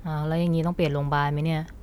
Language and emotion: Thai, frustrated